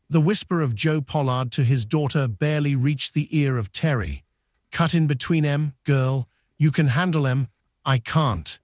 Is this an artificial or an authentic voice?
artificial